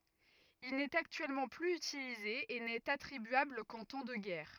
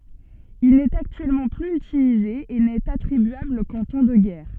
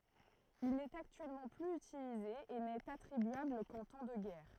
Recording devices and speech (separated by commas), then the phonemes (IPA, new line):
rigid in-ear microphone, soft in-ear microphone, throat microphone, read sentence
il nɛt aktyɛlmɑ̃ plyz ytilize e nɛt atʁibyabl kɑ̃ tɑ̃ də ɡɛʁ